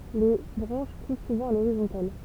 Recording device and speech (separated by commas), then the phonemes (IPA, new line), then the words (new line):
temple vibration pickup, read sentence
le bʁɑ̃ʃ pus suvɑ̃ a loʁizɔ̃tal
Les branches poussent souvent à l’horizontale.